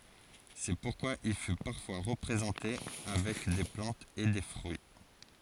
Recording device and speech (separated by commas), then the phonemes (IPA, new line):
forehead accelerometer, read sentence
sɛ puʁkwa il fy paʁfwa ʁəpʁezɑ̃te avɛk de plɑ̃tz e de fʁyi